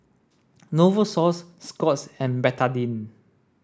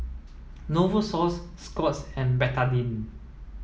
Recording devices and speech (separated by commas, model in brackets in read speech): standing microphone (AKG C214), mobile phone (iPhone 7), read sentence